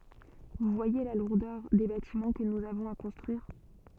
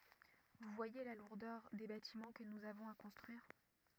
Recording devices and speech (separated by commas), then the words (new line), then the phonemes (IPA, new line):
soft in-ear microphone, rigid in-ear microphone, read sentence
Vous voyez la lourdeur des bâtiments que nous avons à construire.
vu vwaje la luʁdœʁ de batimɑ̃ kə nuz avɔ̃z a kɔ̃stʁyiʁ